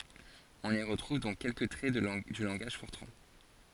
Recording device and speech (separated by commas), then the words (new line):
forehead accelerometer, read sentence
On y retrouve donc quelques traits du langage Fortran.